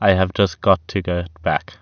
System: none